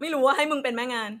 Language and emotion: Thai, happy